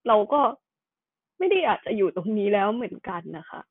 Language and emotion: Thai, sad